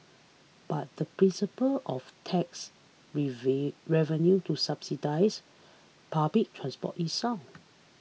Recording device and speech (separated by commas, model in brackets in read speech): mobile phone (iPhone 6), read sentence